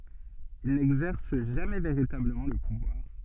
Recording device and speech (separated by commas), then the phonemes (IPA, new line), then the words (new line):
soft in-ear microphone, read sentence
il nɛɡzɛʁs ʒamɛ veʁitabləmɑ̃ lə puvwaʁ
Il n'exerce jamais véritablement le pouvoir.